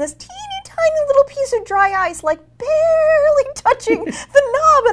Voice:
squeeky voice